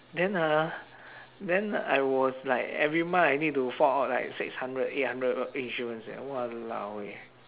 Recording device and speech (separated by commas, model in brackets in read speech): telephone, conversation in separate rooms